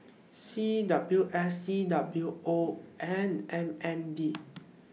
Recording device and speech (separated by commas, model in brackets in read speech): mobile phone (iPhone 6), read sentence